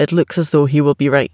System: none